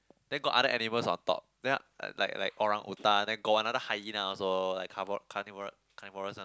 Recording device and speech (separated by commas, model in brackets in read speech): close-talking microphone, conversation in the same room